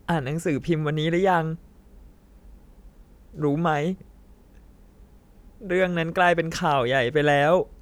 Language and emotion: Thai, sad